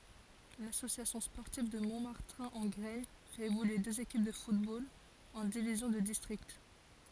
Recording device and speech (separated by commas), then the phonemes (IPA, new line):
forehead accelerometer, read sentence
lasosjasjɔ̃ spɔʁtiv də mɔ̃maʁtɛ̃ ɑ̃ ɡʁɛɲ fɛt evolye døz ekip də futbol ɑ̃ divizjɔ̃ də distʁikt